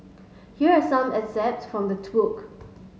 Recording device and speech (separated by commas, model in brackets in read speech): mobile phone (Samsung S8), read sentence